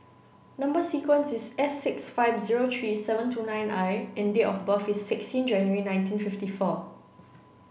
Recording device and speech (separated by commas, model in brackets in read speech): boundary microphone (BM630), read sentence